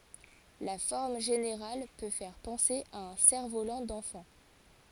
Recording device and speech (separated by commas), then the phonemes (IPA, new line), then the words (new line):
forehead accelerometer, read sentence
la fɔʁm ʒeneʁal pø fɛʁ pɑ̃se a œ̃ sɛʁfvolɑ̃ dɑ̃fɑ̃
La forme générale peut faire penser à un cerf-volant d'enfant.